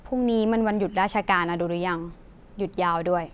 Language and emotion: Thai, frustrated